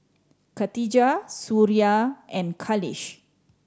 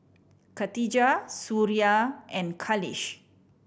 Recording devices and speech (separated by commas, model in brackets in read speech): standing microphone (AKG C214), boundary microphone (BM630), read sentence